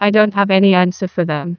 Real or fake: fake